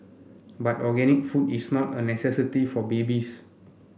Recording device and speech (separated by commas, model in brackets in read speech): boundary microphone (BM630), read sentence